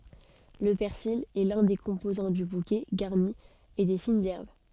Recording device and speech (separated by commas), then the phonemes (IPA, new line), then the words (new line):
soft in-ear microphone, read sentence
lə pɛʁsil ɛ lœ̃ de kɔ̃pozɑ̃ dy bukɛ ɡaʁni e de finz ɛʁb
Le persil est l'un des composants du bouquet garni et des fines herbes.